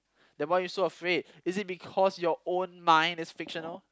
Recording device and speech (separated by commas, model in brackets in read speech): close-talking microphone, conversation in the same room